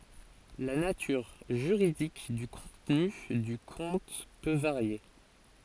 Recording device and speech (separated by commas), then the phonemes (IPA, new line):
forehead accelerometer, read sentence
la natyʁ ʒyʁidik dy kɔ̃tny dy kɔ̃t pø vaʁje